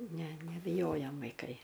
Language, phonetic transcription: Lithuanian, ˈne nebiˈjojam vaiˈkai

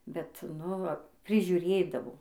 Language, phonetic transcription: Lithuanian, bet ˈnu va prižiuˈrėdavo

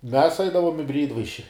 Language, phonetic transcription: Lithuanian, mes ˈaidavom i ˈbryidvaiši

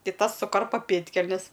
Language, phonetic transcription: Lithuanian, ˈtai ˈtas suˈkarpa ˈpėdkelnes

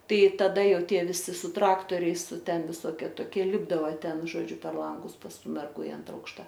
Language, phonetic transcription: Lithuanian, ˈtai taˈda ˈjau ˈtie viˈsi su ˈtraktoriais ˈten viˈsoke toˈkie ˈlipdava ˈten žoˈdžiu per ˈlangus pas ˈtų merˈgų i ˈantra ˈaukšta

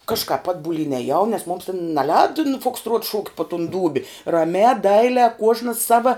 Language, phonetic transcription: Lithuanian, kažkāp ˈatbulyn eˈjau nes mums ten neˈlēda nu fuksˈtruot šūkt' po tun ˈdūbi raˈmiā ˈdailiā ˈkuožnas ˈsava

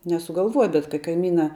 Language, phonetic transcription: Lithuanian, nesugalˈvuoja bet ka kaiˈmyna

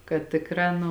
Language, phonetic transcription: Lithuanian, kad ˈtikˌrā nu

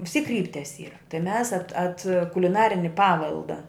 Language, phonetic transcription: Lithuanian, vis tyk ˈkryptias ˈyra tai mes at at kuliˈnarini ˈpavelda

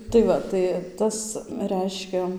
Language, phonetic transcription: Lithuanian, tai ˈva tai ˈtas ˈreiškia

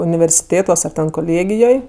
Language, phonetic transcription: Lithuanian, universiˈtėtuos ar ten koˈlėgijoj

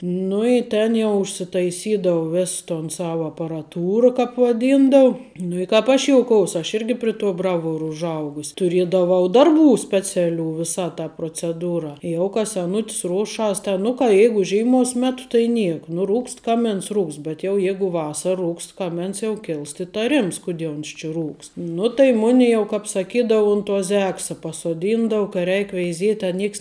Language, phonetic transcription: Lithuanian, ˈnu i ˈtėn jau užsitaiˈsydau ˈvės ton ˈsav aparaˈtūra kāp vaˈdyndau nu i ˈkāp aš ˈjouˌkous aš ˈirgi pri tuo ˈbraˌvuoru užˈaugus' tuˈriedavau ˈdarˌbų ˈspeciaˌlių ˈvisa ta proceˈdūra ˈjau ka seˈnut's ˈruoˌšas te ˈnu ka ˈjeigu ˈžeimous ˈmet tai ˈniek nu ˈrūkst ˈkaˌmins ˈrūkst bet jau ˈjeigu ˈvasara ˈrūkst ˈkamens jau ˈkilst itaˈrims kuˈdie uns či ˈrūkst ˈnu tai ˈmuni jau ˈkāp saˈkydau un tuo ˈzeksa pasoˈdyndava ka ˈreik veiˈziet' a ˈnieks

